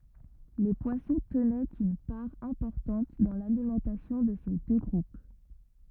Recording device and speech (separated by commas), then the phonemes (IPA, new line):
rigid in-ear microphone, read sentence
le pwasɔ̃ tənɛt yn paʁ ɛ̃pɔʁtɑ̃t dɑ̃ lalimɑ̃tasjɔ̃ də se dø ɡʁup